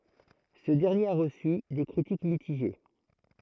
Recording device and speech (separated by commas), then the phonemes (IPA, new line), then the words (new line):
throat microphone, read sentence
sə dɛʁnjeʁ a ʁəsy de kʁitik mitiʒe
Ce dernier a reçu des critiques mitigées.